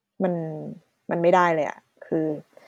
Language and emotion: Thai, frustrated